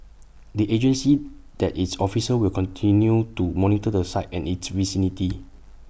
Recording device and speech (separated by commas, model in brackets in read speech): boundary microphone (BM630), read sentence